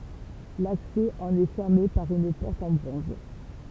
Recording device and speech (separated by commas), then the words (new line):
temple vibration pickup, read sentence
L'accès en est fermé par une porte en bronze.